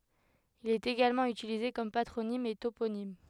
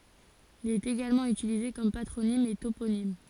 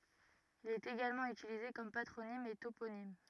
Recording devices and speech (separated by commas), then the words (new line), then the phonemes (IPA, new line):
headset microphone, forehead accelerometer, rigid in-ear microphone, read sentence
Il est également utilisé comme patronyme et toponyme.
il ɛt eɡalmɑ̃ ytilize kɔm patʁonim e toponim